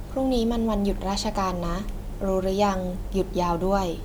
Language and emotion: Thai, neutral